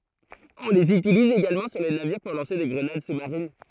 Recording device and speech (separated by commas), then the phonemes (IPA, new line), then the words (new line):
throat microphone, read sentence
ɔ̃ lez ytiliz eɡalmɑ̃ syʁ le naviʁ puʁ lɑ̃se de ɡʁənad su maʁin
On les utilise également sur les navires pour lancer des grenades sous marines.